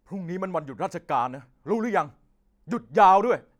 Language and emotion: Thai, angry